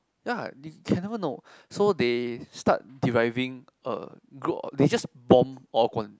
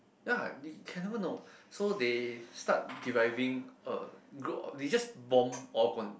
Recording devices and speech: close-talking microphone, boundary microphone, conversation in the same room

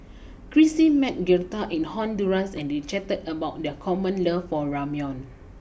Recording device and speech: boundary microphone (BM630), read sentence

